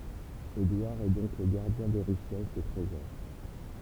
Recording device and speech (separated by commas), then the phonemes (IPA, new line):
temple vibration pickup, read sentence
edwaʁ ɛ dɔ̃k lə ɡaʁdjɛ̃ de ʁiʃɛs de tʁezɔʁ